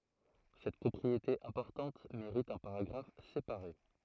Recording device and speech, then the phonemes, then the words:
throat microphone, read sentence
sɛt pʁɔpʁiete ɛ̃pɔʁtɑ̃t meʁit œ̃ paʁaɡʁaf sepaʁe
Cette propriété importante mérite un paragraphe séparé.

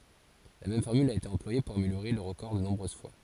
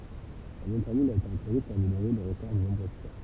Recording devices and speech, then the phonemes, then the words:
forehead accelerometer, temple vibration pickup, read sentence
la mɛm fɔʁmyl a ete ɑ̃plwaje puʁ ameljoʁe lœʁ ʁəkɔʁ də nɔ̃bʁøz fwa
La même formule a été employée pour améliorer leur record de nombreuses fois.

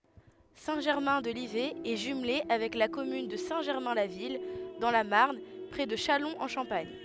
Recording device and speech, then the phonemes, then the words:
headset microphone, read sentence
sɛ̃ ʒɛʁmɛ̃ də livɛ ɛ ʒymle avɛk la kɔmyn də sɛ̃ ʒɛʁmɛ̃ la vil dɑ̃ la maʁn pʁɛ də ʃalɔ̃z ɑ̃ ʃɑ̃paɲ
Saint-Germain-de-Livet est jumelée avec la commune de Saint-Germain-la-Ville dans la Marne près de Châlons-en-Champagne.

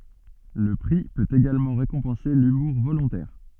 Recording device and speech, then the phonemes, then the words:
soft in-ear microphone, read sentence
lə pʁi pøt eɡalmɑ̃ ʁekɔ̃pɑ̃se lymuʁ volɔ̃tɛʁ
Le prix peut également récompenser l'humour volontaire.

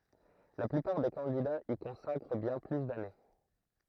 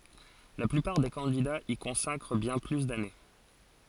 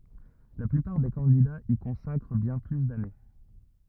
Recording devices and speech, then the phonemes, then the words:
throat microphone, forehead accelerometer, rigid in-ear microphone, read sentence
la plypaʁ de kɑ̃didaz i kɔ̃sakʁ bjɛ̃ ply dane
La plupart des candidats y consacrent bien plus d'années.

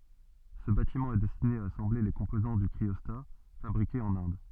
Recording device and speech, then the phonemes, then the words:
soft in-ear microphone, read sentence
sə batimɑ̃ ɛ dɛstine a asɑ̃ble le kɔ̃pozɑ̃ dy kʁiɔsta fabʁikez ɑ̃n ɛ̃d
Ce bâtiment est destiné à assembler les composants du cryostat, fabriqués en Inde.

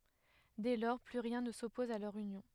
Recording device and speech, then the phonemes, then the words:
headset microphone, read sentence
dɛ lɔʁ ply ʁjɛ̃ nə sɔpɔz a lœʁ ynjɔ̃
Dès lors, plus rien ne s'oppose à leur union.

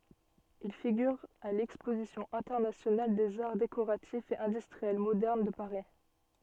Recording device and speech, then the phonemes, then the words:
soft in-ear microphone, read sentence
il fiɡyʁ a lɛkspozisjɔ̃ ɛ̃tɛʁnasjonal dez aʁ dekoʁatifz e ɛ̃dystʁiɛl modɛʁn də paʁi
Il figure à l'exposition internationale des arts décoratifs et industriels modernes de Paris.

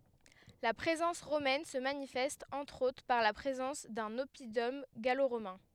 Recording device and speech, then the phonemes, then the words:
headset microphone, read sentence
la pʁezɑ̃s ʁomɛn sə manifɛst ɑ̃tʁ otʁ paʁ la pʁezɑ̃s dœ̃n ɔpidɔm ɡaloʁomɛ̃
La présence romaine se manifeste entre autres par la présence d'un oppidum gallo-romain.

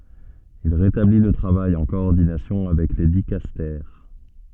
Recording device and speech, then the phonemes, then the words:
soft in-ear microphone, read sentence
il ʁetabli lə tʁavaj ɑ̃ kɔɔʁdinasjɔ̃ avɛk le dikastɛʁ
Il rétablit le travail en coordination avec les dicastères.

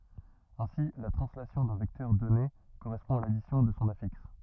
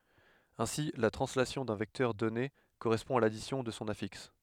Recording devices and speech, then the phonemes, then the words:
rigid in-ear microphone, headset microphone, read sentence
ɛ̃si la tʁɑ̃slasjɔ̃ dœ̃ vɛktœʁ dɔne koʁɛspɔ̃ a ladisjɔ̃ də sɔ̃ afiks
Ainsi, la translation d'un vecteur donné correspond à l'addition de son affixe.

